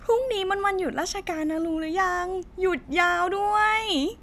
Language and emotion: Thai, happy